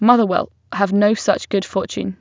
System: none